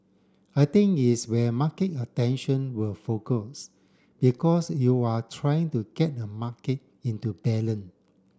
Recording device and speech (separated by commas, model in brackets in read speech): standing microphone (AKG C214), read sentence